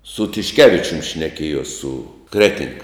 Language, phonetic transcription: Lithuanian, su tišˈkevičium šneˈkiejos su ˈkreting

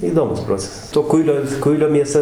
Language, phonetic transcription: Lithuanian, įˈdomus ˈprocesas to ˈkuilio ˈkuilio mieˈsa

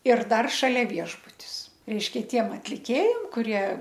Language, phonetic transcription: Lithuanian, ir ˈdar šaˈlia ˈviešbutis ˈreišˈkia ˈtiem atliˈkėjam kuˈrie

